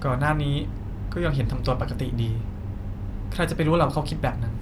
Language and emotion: Thai, frustrated